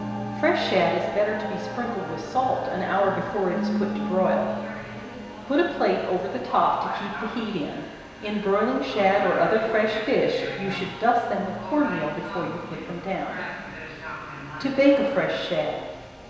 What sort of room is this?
A big, very reverberant room.